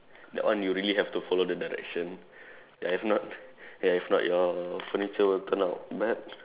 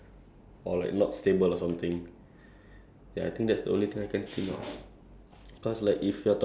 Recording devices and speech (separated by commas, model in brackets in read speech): telephone, standing microphone, conversation in separate rooms